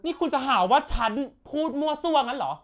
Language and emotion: Thai, angry